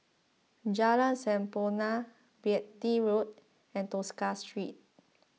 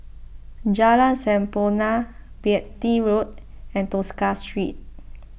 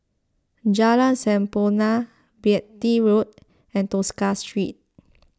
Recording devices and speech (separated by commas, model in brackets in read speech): mobile phone (iPhone 6), boundary microphone (BM630), close-talking microphone (WH20), read sentence